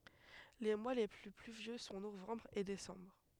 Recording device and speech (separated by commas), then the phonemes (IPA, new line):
headset microphone, read sentence
le mwa le ply plyvjø sɔ̃ novɑ̃bʁ e desɑ̃bʁ